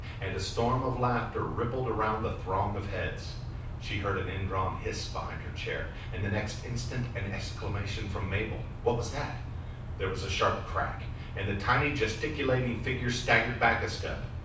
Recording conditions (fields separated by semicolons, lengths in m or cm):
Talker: one person; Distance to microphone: 5.8 m; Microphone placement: far; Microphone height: 1.8 m; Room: medium-sized (5.7 m by 4.0 m); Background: none